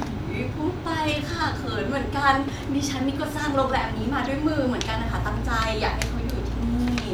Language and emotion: Thai, happy